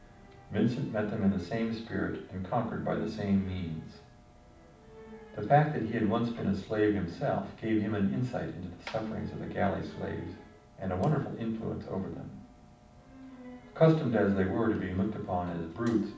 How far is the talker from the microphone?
5.8 m.